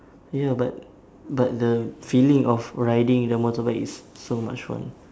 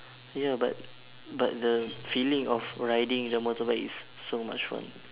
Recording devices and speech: standing microphone, telephone, conversation in separate rooms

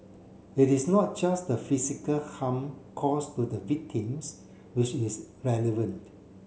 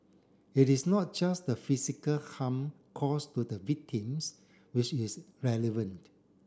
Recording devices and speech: mobile phone (Samsung C7), standing microphone (AKG C214), read sentence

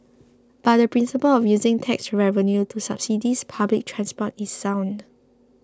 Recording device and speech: close-talking microphone (WH20), read sentence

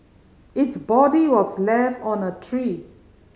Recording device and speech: mobile phone (Samsung C5010), read sentence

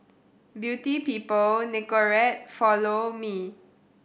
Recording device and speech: boundary microphone (BM630), read sentence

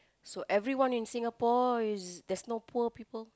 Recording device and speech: close-talking microphone, conversation in the same room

